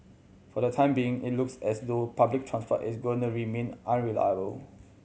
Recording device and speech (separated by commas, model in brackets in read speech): mobile phone (Samsung C7100), read sentence